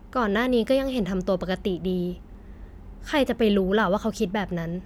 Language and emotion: Thai, neutral